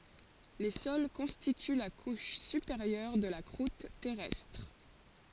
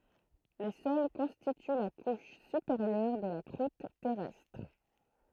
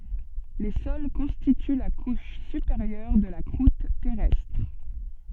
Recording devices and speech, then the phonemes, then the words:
forehead accelerometer, throat microphone, soft in-ear microphone, read sentence
le sɔl kɔ̃stity la kuʃ sypeʁjœʁ də la kʁut tɛʁɛstʁ
Les sols constituent la couche supérieure de la croûte terrestre.

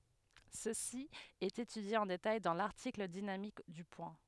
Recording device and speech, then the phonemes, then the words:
headset microphone, read sentence
səsi ɛt etydje ɑ̃ detaj dɑ̃ laʁtikl dinamik dy pwɛ̃
Ceci est étudié en détail dans l'article dynamique du point.

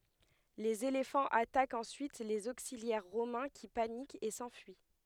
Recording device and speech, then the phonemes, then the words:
headset microphone, read sentence
lez elefɑ̃z atakt ɑ̃syit lez oksiljɛʁ ʁomɛ̃ ki panikt e sɑ̃fyi
Les éléphants attaquent ensuite les auxiliaires romains qui paniquent et s'enfuient.

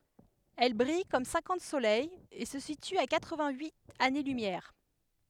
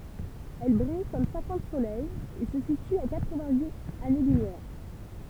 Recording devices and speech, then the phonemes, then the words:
headset microphone, temple vibration pickup, read sentence
ɛl bʁij kɔm sɛ̃kɑ̃t solɛjz e sə sity a katʁ vɛ̃t yit ane lymjɛʁ
Elle brille comme cinquante soleils et se situe à quatre-vingt-huit années-lumière.

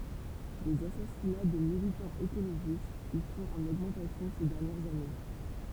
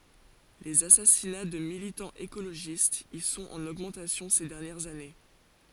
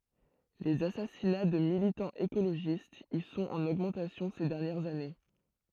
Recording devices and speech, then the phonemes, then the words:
temple vibration pickup, forehead accelerometer, throat microphone, read sentence
lez asasina də militɑ̃z ekoloʒistz i sɔ̃t ɑ̃n oɡmɑ̃tasjɔ̃ se dɛʁnjɛʁz ane
Les assassinats de militants écologistes y sont en augmentation ces dernières années.

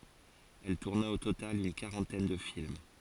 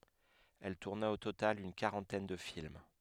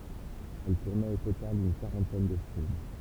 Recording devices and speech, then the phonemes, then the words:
forehead accelerometer, headset microphone, temple vibration pickup, read sentence
ɛl tuʁna o total yn kaʁɑ̃tɛn də film
Elle tourna au total une quarantaine de films.

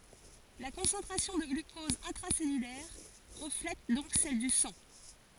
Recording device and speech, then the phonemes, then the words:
forehead accelerometer, read sentence
la kɔ̃sɑ̃tʁasjɔ̃ də ɡlykɔz ɛ̃tʁasɛlylɛʁ ʁəflɛt dɔ̃k sɛl dy sɑ̃
La concentration de glucose intracellulaire reflète donc celle du sang.

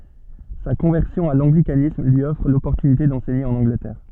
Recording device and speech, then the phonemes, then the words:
soft in-ear microphone, read sentence
sa kɔ̃vɛʁsjɔ̃ a lɑ̃ɡlikanism lyi ɔfʁ lɔpɔʁtynite dɑ̃sɛɲe ɑ̃n ɑ̃ɡlətɛʁ
Sa conversion à l'anglicanisme lui offre l'opportunité d'enseigner en Angleterre.

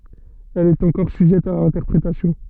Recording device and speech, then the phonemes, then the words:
soft in-ear microphone, read sentence
ɛl ɛt ɑ̃kɔʁ syʒɛt a ɛ̃tɛʁpʁetasjɔ̃
Elle est encore sujette à interprétation.

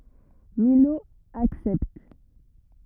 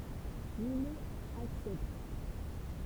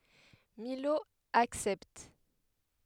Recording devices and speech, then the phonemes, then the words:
rigid in-ear microphone, temple vibration pickup, headset microphone, read sentence
milo aksɛpt
Milhaud accepte.

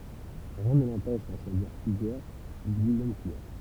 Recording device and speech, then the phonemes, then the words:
temple vibration pickup, read sentence
ʁiɛ̃ nə lɑ̃pɛʃ dɑ̃ ʃwaziʁ plyzjœʁ dyn mɛm kulœʁ
Rien ne l'empêche d'en choisir plusieurs d'une même couleur.

